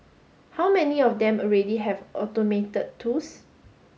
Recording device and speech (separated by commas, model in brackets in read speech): mobile phone (Samsung S8), read sentence